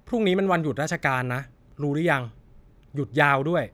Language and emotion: Thai, neutral